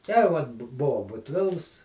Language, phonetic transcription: Lithuanian, te ˈvat bu ˈbuvo butˈvils

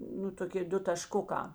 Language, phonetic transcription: Lithuanian, nu toˈki ˈdu tašˈkukā

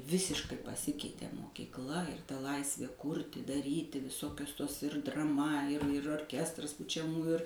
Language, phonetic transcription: Lithuanian, ˈvisiškai paˈsikeitė mokykˈla ir ta ˈlaisvė ˈkūrti daˈryti viˈsokius tos ir draˈma ir ir orˈkestras pučiaˈmųju ir

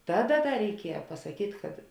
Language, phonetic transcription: Lithuanian, ˈtaˌda ˈda reiˈkieja pasaˈkyt' kad

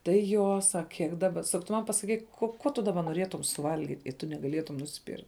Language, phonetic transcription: Lithuanian, tai ˈjo ˈsak ˈkiek ˈdaba ˈsak tu ˈman pasaˈkyk ko ˈkuo tu daˈba noˈrietum suˈvalgit' i tu negaˈlietum nusˈpyr

